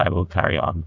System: TTS, neural waveform model